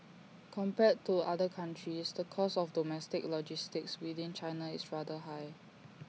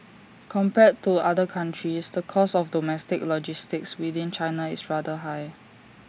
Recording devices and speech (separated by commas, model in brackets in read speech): mobile phone (iPhone 6), standing microphone (AKG C214), read sentence